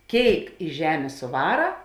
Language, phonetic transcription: Lithuanian, ˈkėik i ˈžemė suˈvara

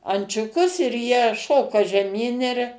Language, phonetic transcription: Lithuanian, ančiuˈkus ir jie ˈšoka žeˈmyn ir

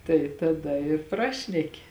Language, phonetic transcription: Lithuanian, tai taˈda ir ˈprašneki

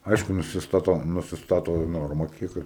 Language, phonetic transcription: Lithuanian, ˈaišku nusisˈtato nusisˈtato ˈnorma ˈkiek

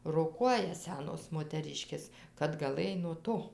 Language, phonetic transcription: Lithuanian, roˈkuoja ˈsenos moteˈriškės kad gaˈlɘj nuo ˈto

